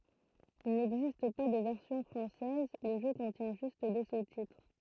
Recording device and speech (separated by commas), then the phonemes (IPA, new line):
throat microphone, read sentence
il nɛɡzist pa də vɛʁsjɔ̃ fʁɑ̃sɛz lə ʒø kɔ̃tjɛ̃ ʒyst de sustitʁ